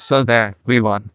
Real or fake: fake